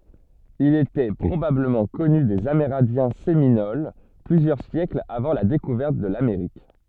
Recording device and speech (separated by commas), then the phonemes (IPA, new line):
soft in-ear microphone, read sentence
il etɛ pʁobabləmɑ̃ kɔny dez ameʁɛ̃djɛ̃ seminol plyzjœʁ sjɛklz avɑ̃ la dekuvɛʁt də lameʁik